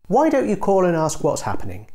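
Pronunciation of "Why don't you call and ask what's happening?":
The suggestion 'Why don't you call and ask what's happening?' is said with a falling tone.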